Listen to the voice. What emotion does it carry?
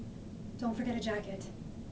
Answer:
neutral